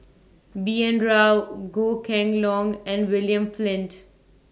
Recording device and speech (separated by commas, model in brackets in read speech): standing microphone (AKG C214), read sentence